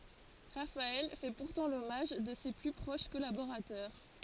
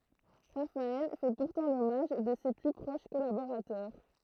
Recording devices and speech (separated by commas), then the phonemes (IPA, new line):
forehead accelerometer, throat microphone, read sentence
ʁafaɛl fɛ puʁtɑ̃ lɔmaʒ də se ply pʁoʃ kɔlaboʁatœʁ